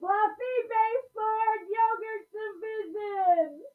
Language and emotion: English, happy